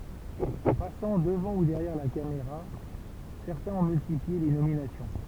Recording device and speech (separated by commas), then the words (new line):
temple vibration pickup, read sentence
En passant devant ou derrière la caméra, certains ont multiplié les nominations.